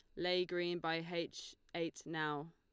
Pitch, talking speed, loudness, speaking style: 165 Hz, 155 wpm, -40 LUFS, Lombard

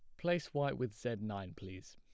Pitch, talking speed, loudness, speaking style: 110 Hz, 205 wpm, -39 LUFS, plain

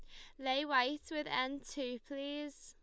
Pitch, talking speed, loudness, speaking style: 275 Hz, 165 wpm, -38 LUFS, Lombard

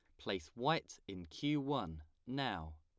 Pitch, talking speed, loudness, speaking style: 90 Hz, 140 wpm, -41 LUFS, plain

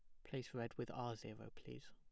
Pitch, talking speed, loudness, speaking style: 115 Hz, 220 wpm, -50 LUFS, plain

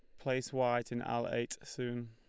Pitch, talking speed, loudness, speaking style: 120 Hz, 190 wpm, -37 LUFS, Lombard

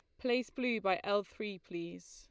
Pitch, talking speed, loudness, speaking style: 200 Hz, 190 wpm, -36 LUFS, Lombard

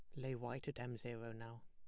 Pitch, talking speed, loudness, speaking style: 120 Hz, 245 wpm, -48 LUFS, plain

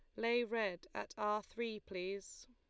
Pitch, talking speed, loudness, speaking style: 215 Hz, 155 wpm, -40 LUFS, Lombard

